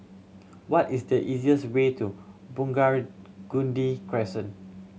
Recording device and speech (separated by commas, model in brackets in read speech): mobile phone (Samsung C7100), read sentence